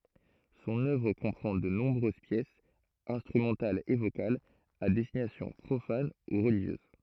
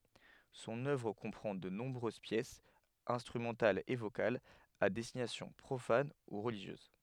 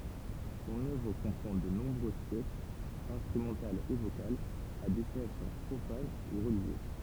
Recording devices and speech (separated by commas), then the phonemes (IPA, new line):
throat microphone, headset microphone, temple vibration pickup, read sentence
sɔ̃n œvʁ kɔ̃pʁɑ̃ də nɔ̃bʁøz pjɛsz ɛ̃stʁymɑ̃talz e vokalz a dɛstinasjɔ̃ pʁofan u ʁəliʒjøz